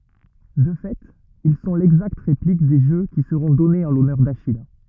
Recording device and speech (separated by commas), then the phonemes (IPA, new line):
rigid in-ear microphone, read sentence
də fɛt il sɔ̃ lɛɡzakt ʁeplik de ʒø ki səʁɔ̃ dɔnez ɑ̃ lɔnœʁ daʃij